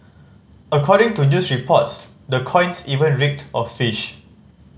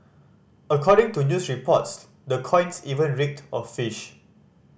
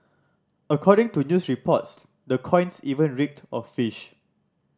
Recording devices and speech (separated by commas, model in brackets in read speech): mobile phone (Samsung C5010), boundary microphone (BM630), standing microphone (AKG C214), read sentence